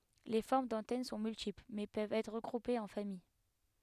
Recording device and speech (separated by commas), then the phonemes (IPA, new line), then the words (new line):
headset microphone, read sentence
le fɔʁm dɑ̃tɛn sɔ̃ myltipl mɛ pøvt ɛtʁ ʁəɡʁupez ɑ̃ famij
Les formes d'antennes sont multiples, mais peuvent être regroupées en familles.